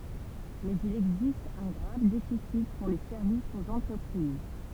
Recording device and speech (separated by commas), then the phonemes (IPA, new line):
temple vibration pickup, read sentence
mɛz il ɛɡzist œ̃ ɡʁav defisi puʁ le sɛʁvisz oz ɑ̃tʁəpʁiz